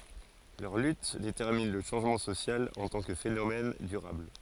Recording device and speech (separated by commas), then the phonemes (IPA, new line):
forehead accelerometer, read sentence
lœʁ lyt detɛʁmin lə ʃɑ̃ʒmɑ̃ sosjal ɑ̃ tɑ̃ kə fenomɛn dyʁabl